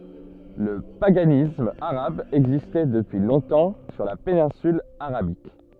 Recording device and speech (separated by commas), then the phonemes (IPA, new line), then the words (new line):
soft in-ear microphone, read sentence
lə paɡanism aʁab ɛɡzistɛ dəpyi lɔ̃tɑ̃ syʁ la penɛ̃syl aʁabik
Le paganisme arabe existait depuis longtemps sur la péninsule Arabique.